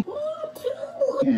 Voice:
high-pitched